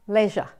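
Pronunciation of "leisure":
'Leisure' is pronounced the British way here.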